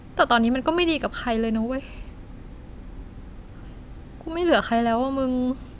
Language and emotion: Thai, sad